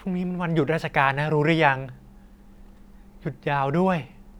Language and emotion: Thai, neutral